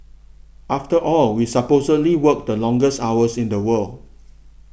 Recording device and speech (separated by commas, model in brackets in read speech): boundary microphone (BM630), read sentence